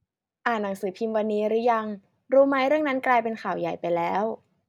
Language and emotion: Thai, neutral